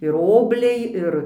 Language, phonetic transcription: Lithuanian, ir ˈobliai ˈir

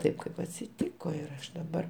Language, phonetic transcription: Lithuanian, ˈtaip kaip atsiˈtyko ir ˈaš daˈbar

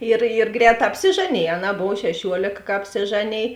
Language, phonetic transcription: Lithuanian, ir ir ˈgrēˌtā apsiˈžaˌnėj aˈnā ˈbov šeˈšiuolėk ka apsiˈžaˌnėj

